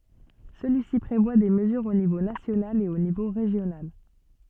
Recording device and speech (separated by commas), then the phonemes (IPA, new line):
soft in-ear microphone, read sentence
səlyisi pʁevwa de məzyʁz o nivo nasjonal e o nivo ʁeʒjonal